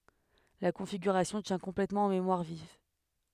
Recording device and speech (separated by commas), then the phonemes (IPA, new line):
headset microphone, read sentence
la kɔ̃fiɡyʁasjɔ̃ tjɛ̃ kɔ̃plɛtmɑ̃ ɑ̃ memwaʁ viv